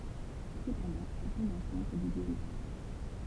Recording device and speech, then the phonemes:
temple vibration pickup, read sentence
səpɑ̃dɑ̃ ɛl tɔ̃b ɑ̃sɛ̃t dy djø maʁs

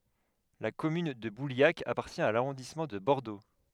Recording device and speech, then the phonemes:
headset microphone, read sentence
la kɔmyn də buljak apaʁtjɛ̃ a laʁɔ̃dismɑ̃ də bɔʁdo

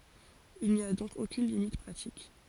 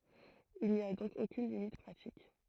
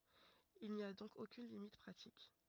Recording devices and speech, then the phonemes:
forehead accelerometer, throat microphone, rigid in-ear microphone, read sentence
il ni a dɔ̃k okyn limit pʁatik

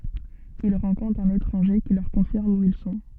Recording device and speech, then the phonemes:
soft in-ear microphone, read sentence
il ʁɑ̃kɔ̃tʁt œ̃n etʁɑ̃ʒe ki lœʁ kɔ̃fiʁm u il sɔ̃

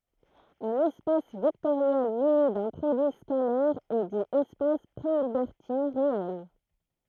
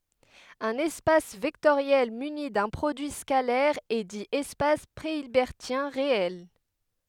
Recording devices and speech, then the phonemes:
throat microphone, headset microphone, read sentence
œ̃n ɛspas vɛktoʁjɛl myni dœ̃ pʁodyi skalɛʁ ɛ di ɛspas pʁeilbɛʁtjɛ̃ ʁeɛl

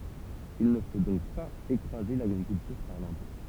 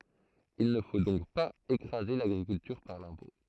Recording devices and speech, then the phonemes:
temple vibration pickup, throat microphone, read sentence
il nə fo dɔ̃k paz ekʁaze laɡʁikyltyʁ paʁ lɛ̃pɔ̃

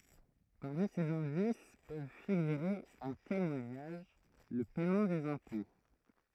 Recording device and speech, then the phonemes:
throat microphone, read sentence
paʁmi sez ɛ̃dis pøv fiɡyʁe œ̃ temwaɲaʒ lə pɛmɑ̃ dez ɛ̃pɔ̃

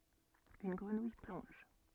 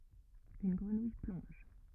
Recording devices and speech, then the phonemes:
soft in-ear microphone, rigid in-ear microphone, read sentence
yn ɡʁənuj plɔ̃ʒ

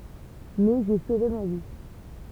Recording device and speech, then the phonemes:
temple vibration pickup, read sentence
mɛ ʒe sove ma vi

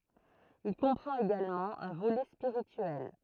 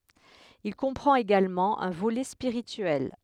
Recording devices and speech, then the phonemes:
throat microphone, headset microphone, read sentence
il kɔ̃pʁɑ̃t eɡalmɑ̃ œ̃ volɛ spiʁityɛl

